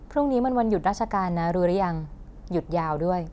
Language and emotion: Thai, neutral